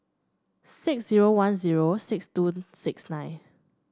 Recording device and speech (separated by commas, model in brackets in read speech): standing microphone (AKG C214), read sentence